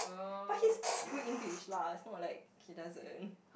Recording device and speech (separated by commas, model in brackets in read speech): boundary microphone, conversation in the same room